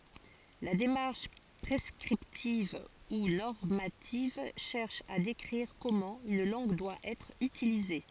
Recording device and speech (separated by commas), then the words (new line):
forehead accelerometer, read sentence
La démarche prescriptive ou normative cherche à décrire comment une langue doit être utilisée.